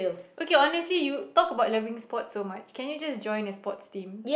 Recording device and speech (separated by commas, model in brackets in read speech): boundary microphone, conversation in the same room